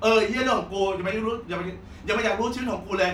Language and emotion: Thai, angry